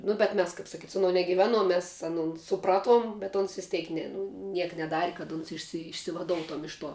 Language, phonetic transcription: Lithuanian, nu bet ˈmes kap saˈkyt' su aˈnuo negiˈveˌnuom ˈmes aˈnon suˈpraˌtuom bet ˈons vis ˈtėk ˈne nu ˈniek neˈdari kad ˈuns išsi išsivaˈdoutoum ˈiš ˌtuo

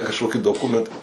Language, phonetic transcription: Lithuanian, kažˈkoki doˈkumenta

